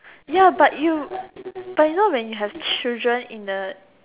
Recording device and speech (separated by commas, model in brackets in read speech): telephone, conversation in separate rooms